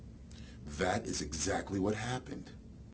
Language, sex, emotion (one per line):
English
male
neutral